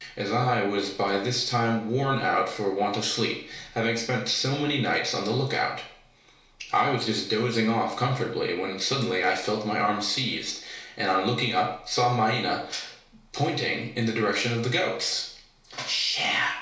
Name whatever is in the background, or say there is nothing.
Nothing.